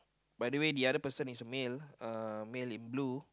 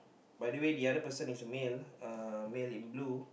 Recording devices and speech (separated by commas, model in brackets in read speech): close-talking microphone, boundary microphone, conversation in the same room